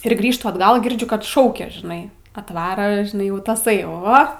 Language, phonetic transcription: Lithuanian, ir ˈgrįžtu atˈgal girˈdžiu kad ˈšaukia žiˈnai atˈvara žiˈnai ˈjau taˈsai ˈo

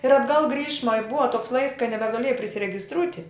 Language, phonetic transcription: Lithuanian, ir atˈgal ˈgrįšma i ˈbuva toks laiks kai nebeˈgalėja prisiregisˈtrūti

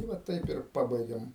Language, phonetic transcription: Lithuanian, tai ˈva ˈtaip ir ˈpabaigėm

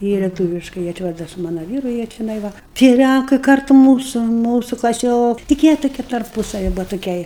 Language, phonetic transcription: Lithuanian, ˈjie leˈtūviškai jie ˈčia ˈva da su ˈmana ˈvyru jie čeˈnai ˈva tie ˈlænkai ˈkartu ˈmūsu ˈmūsu klaˈsiok tik ˈjie tuˈkie tarˈpūsavi ˈbuva tuˈkei

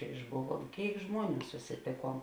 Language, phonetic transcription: Lithuanian, išˈbuˌvuom ˈkėik ˈžmuoˌnių susiˈtėˌkuom

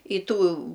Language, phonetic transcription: Lithuanian, i ˈtų

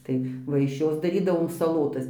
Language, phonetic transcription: Lithuanian, ˈtai ˈva iš ˈjos daˈrydavom saˈlotas

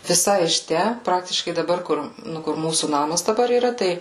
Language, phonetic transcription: Lithuanian, viˈsai iš ˈtæ ˈpraktiškai daˈbar ˈkur ˈnu kur ˈmūsų ˈnamas daˈbar yˈra ˈtai

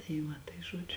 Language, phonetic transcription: Lithuanian, tai ˈva tai ˈžuodžiu

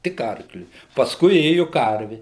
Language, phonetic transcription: Lithuanian, tik ˈarkliui pasˈkui ˈėju ˈkarvi

